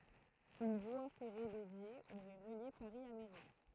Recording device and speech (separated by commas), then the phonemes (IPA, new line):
throat microphone, read sentence
yn vwa fɛʁe dedje oʁɛ ʁəlje paʁi a meʁi